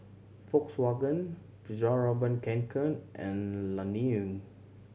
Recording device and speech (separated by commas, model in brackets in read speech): mobile phone (Samsung C7100), read sentence